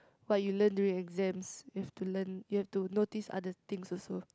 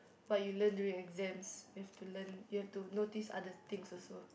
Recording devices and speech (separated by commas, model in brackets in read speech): close-talking microphone, boundary microphone, conversation in the same room